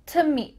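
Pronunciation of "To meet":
'To' is reduced to just a t sound and linked to 'meet'. The final t of 'meet' is not released; no air comes out.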